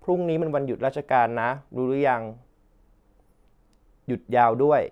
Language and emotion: Thai, neutral